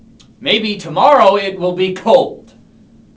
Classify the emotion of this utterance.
angry